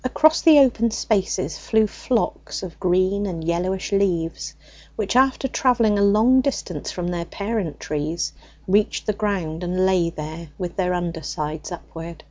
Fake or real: real